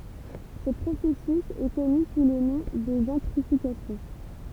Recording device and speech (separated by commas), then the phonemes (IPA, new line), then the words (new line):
temple vibration pickup, read sentence
sə pʁosɛsys ɛ kɔny su lə nɔ̃ də ʒɑ̃tʁifikasjɔ̃
Ce processus est connu sous le nom de gentrification.